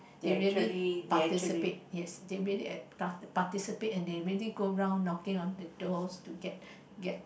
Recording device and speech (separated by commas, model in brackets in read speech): boundary microphone, conversation in the same room